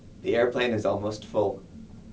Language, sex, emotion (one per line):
English
male
neutral